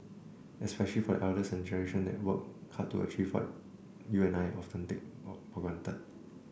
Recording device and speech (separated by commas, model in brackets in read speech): boundary microphone (BM630), read sentence